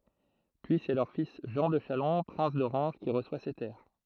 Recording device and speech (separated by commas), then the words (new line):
throat microphone, read sentence
Puis c'est leur fils Jean de Chalon, prince d'Orange, qui reçoit ces terres.